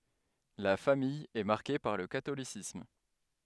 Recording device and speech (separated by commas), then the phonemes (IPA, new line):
headset microphone, read sentence
la famij ɛ maʁke paʁ lə katolisism